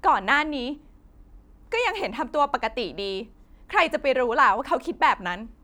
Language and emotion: Thai, frustrated